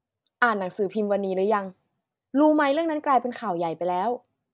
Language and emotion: Thai, neutral